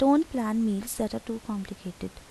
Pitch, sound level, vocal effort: 220 Hz, 79 dB SPL, soft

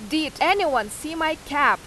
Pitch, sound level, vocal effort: 310 Hz, 94 dB SPL, very loud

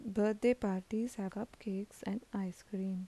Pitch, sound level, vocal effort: 210 Hz, 78 dB SPL, soft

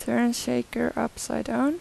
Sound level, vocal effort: 83 dB SPL, soft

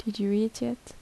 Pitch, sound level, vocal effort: 220 Hz, 75 dB SPL, soft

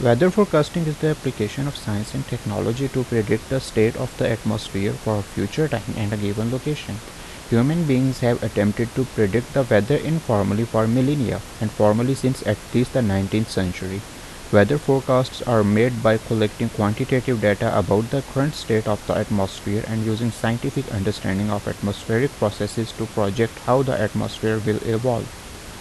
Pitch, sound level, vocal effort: 115 Hz, 79 dB SPL, normal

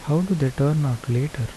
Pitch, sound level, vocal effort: 140 Hz, 75 dB SPL, soft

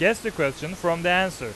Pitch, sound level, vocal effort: 175 Hz, 96 dB SPL, loud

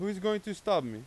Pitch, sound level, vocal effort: 205 Hz, 96 dB SPL, very loud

